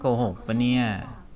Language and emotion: Thai, frustrated